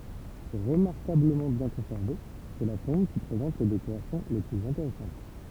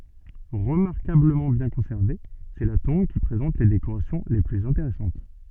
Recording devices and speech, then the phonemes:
temple vibration pickup, soft in-ear microphone, read sentence
ʁəmaʁkabləmɑ̃ bjɛ̃ kɔ̃sɛʁve sɛ la tɔ̃b ki pʁezɑ̃t le dekoʁasjɔ̃ le plyz ɛ̃teʁɛsɑ̃t

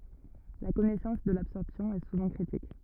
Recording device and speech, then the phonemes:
rigid in-ear microphone, read sentence
la kɔnɛsɑ̃s də labsɔʁpsjɔ̃ ɛ suvɑ̃ kʁitik

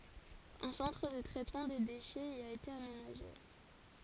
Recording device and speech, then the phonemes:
forehead accelerometer, read sentence
œ̃ sɑ̃tʁ də tʁɛtmɑ̃ de deʃɛz i a ete amenaʒe

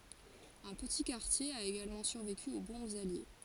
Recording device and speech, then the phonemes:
forehead accelerometer, read sentence
œ̃ pəti kaʁtje a eɡalmɑ̃ syʁveky o bɔ̃bz alje

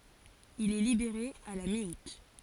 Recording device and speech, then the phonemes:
forehead accelerometer, read sentence
il ɛ libeʁe a la mi ut

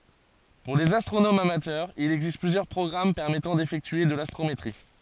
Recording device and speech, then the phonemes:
forehead accelerometer, read sentence
puʁ lez astʁonomz amatœʁz il ɛɡzist plyzjœʁ pʁɔɡʁam pɛʁmɛtɑ̃ defɛktye də lastʁometʁi

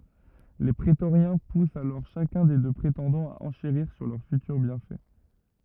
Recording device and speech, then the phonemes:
rigid in-ear microphone, read sentence
le pʁetoʁjɛ̃ pust alɔʁ ʃakœ̃ de dø pʁetɑ̃dɑ̃z a ɑ̃ʃeʁiʁ syʁ lœʁ fytyʁ bjɛ̃fɛ

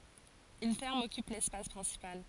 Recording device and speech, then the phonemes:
forehead accelerometer, read sentence
yn fɛʁm ɔkyp lɛspas pʁɛ̃sipal

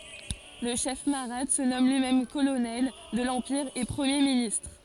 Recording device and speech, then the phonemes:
forehead accelerometer, read sentence
lə ʃɛf maʁat sə nɔm lyimɛm kolonɛl də lɑ̃piʁ e pʁəmje ministʁ

